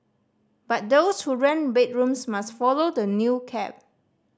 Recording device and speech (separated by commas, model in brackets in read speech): standing microphone (AKG C214), read sentence